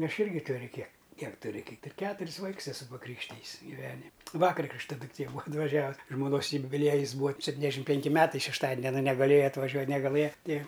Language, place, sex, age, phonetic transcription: Lithuanian, Aukštaitija, male, 60+, ˈaš ˈirgi ˈturiu kiek ˈkiek tuˈri ˈkaip ir ˈketuris ˈvaiks eˈsu su paˈkrykštijis giˈvenim' ˈvakar ˈkrikšta dukˈtė ˈbūa atvaˈžiavus žmoˈnos jubiˈliejis ˈbūa sepˈtyniasˌdešim ˈpenki ˈmetai šešˈtadin aˈna negaˈlėja atvaˈžiuo negaˈlɘja ˈti

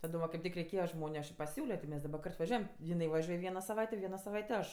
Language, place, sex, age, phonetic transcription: Lithuanian, Aukštaitija, female, 18-60, taˈdom va kaip ˈtik reiˈkėja ˈžmoniu aš i paˈsiūlio ti ˈmes daˈba ˈkart vaˈžiuojam jiˈnai vaˈžiuoj ˈviena saˈvaitė ˈviena saˈvaitė ˈaš

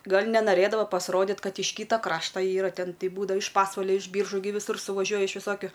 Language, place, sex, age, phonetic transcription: Lithuanian, Aukštaitija, female, 18-60, ˈgal' nenaˈrɘdava pasˈrodit' ˈkad iš ˈkyta ˈkrašta ˈyra ˈten ˈtei ˈbūdva iš ˈpasvalia iš ˈbyržų gi viˈsur suvaˈžiuoja iš viˈsokiu

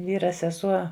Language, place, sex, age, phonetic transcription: Lithuanian, Žemaitija, female, 60+, ˈvyra seˈsuo

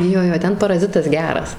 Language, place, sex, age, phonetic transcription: Lithuanian, Suvalkija, female, 18-60, ˈjo ˈjo ˈten paraˈzitas ˈgeras

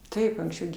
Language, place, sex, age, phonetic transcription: Lithuanian, Aukštaitija, female, 60+, ˈtaip anksˈčiau gi

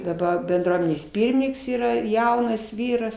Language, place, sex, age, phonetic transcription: Lithuanian, Aukštaitija, female, 60+, daˈba benˈdruomenės ˈpyrmininks yˈra ˈjaunas ˈvyras

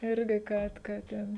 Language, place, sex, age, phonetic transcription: Lithuanian, Žemaitija, female, 18-60, ˈirgi ˈkad ka ˈten

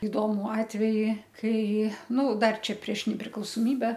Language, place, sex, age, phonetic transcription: Lithuanian, Aukštaitija, female, 60+, iˈdomu atˈveji ˈkai ˈnu ˈdar ˈčia prieš nepriklausoˈmybe

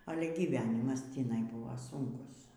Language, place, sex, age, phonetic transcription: Lithuanian, Aukštaitija, female, 60+, ˈale gyvˈenimas tįˈnai ˈbuva ˈsunkus

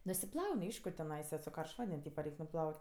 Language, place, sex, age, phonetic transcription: Lithuanian, Aukštaitija, female, 18-60, nusiˈplaun' ˈaišku teˈnaisa su ˈkaršt ˈvanden' ˈtypa ˈreik' nuˈplaut'

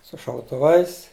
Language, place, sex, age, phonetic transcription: Lithuanian, Žemaitija, male, 60+, su šautuˈvais

